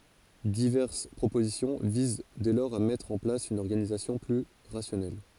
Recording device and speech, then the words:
forehead accelerometer, read sentence
Diverses propositions visent dès lors à mettre en place une organisation plus rationnelle.

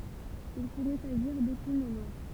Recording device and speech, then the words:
temple vibration pickup, read sentence
Il pourrait s'agir d'épine noire.

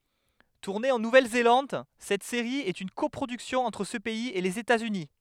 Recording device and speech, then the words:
headset microphone, read sentence
Tournée en Nouvelle-Zélande, cette série est une coproduction entre ce pays et les États-Unis.

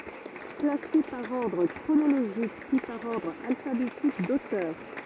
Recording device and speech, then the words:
rigid in-ear microphone, read sentence
Classée par ordre chronologique puis par ordre alphabétique d'auteur.

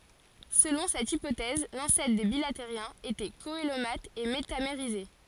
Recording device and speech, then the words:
forehead accelerometer, read sentence
Selon cette hypothèse, l'ancêtre des bilatériens était coelomate et métamérisé.

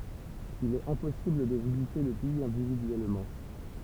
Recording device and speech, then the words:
temple vibration pickup, read sentence
Il est impossible de visiter le pays individuellement.

